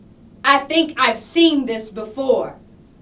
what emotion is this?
disgusted